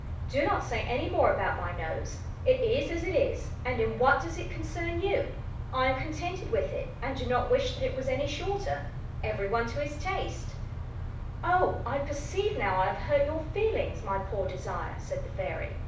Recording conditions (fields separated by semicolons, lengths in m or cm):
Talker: one person; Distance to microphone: 5.8 m; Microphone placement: far; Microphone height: 1.8 m; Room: medium-sized (5.7 m by 4.0 m); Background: none